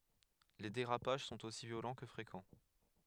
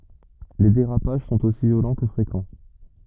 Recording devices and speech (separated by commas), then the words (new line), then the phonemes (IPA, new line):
headset microphone, rigid in-ear microphone, read sentence
Les dérapages sont aussi violents que fréquents.
le deʁapaʒ sɔ̃t osi vjolɑ̃ kə fʁekɑ̃